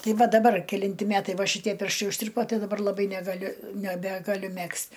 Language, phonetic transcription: Lithuanian, ˈtai ˈva daˈbar keˈlinti ˈmetai ˈva šiˈtie ˈpirštai užˈtirpo ˈtai daˈbar laˈbai negaˈliu neˈbegaˌliu ˈmegzt'

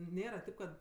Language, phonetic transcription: Lithuanian, ˈnėra ˈtip kad

